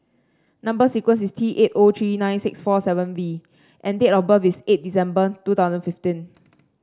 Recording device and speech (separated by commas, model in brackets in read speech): standing microphone (AKG C214), read sentence